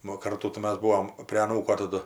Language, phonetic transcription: Lithuanian, ˈnu o ˈkartų tai ˈmas ˈbūom prė aˈnūko taˈdu

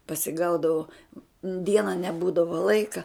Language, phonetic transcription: Lithuanian, pasiˈgaudavo ˈdiena neˈbūdavo ˈlaika

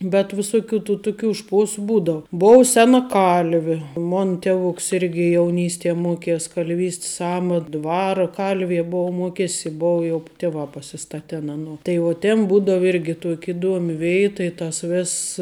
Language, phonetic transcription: Lithuanian, bet viˈsuˌkių tų ˈtuˌkių ˈšpuosu ˈbūdavu ˈbov ˈsena ˈkalvi ˈmon ˈtevuks ˈirgi jauˈnystie ˈmuokies kalˈvys't's ˈamat ˈdvara ˈkalvie ˈbou ˈmuokesi ˈbou jau ˈtivā pasiˈstaten ˈanuo tai ˈjau tėn ˈbūdav ˈirgi tuok' iˈduomi ˈveita i tas ˈvėss

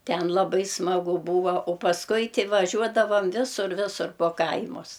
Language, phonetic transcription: Lithuanian, ˈten laˈbai smaˈgu ˈbūva o pasˈkui ti vaˈžiuodavam ˈvisur ˈvisur po ˈkaimus

